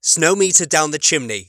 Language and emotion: English, happy